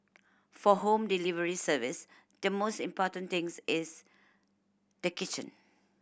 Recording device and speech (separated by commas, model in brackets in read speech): boundary microphone (BM630), read sentence